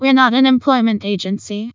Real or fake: fake